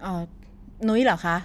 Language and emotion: Thai, neutral